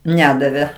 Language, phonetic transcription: Lithuanian, ˈnedavė

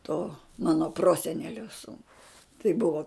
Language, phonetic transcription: Lithuanian, to ˈmano ˈprosenelio ˈsūnui tai ˈbuvo

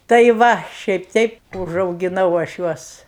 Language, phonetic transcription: Lithuanian, tai ˈva šiaip ˈteip užaugiˈnau aš ˈjuos

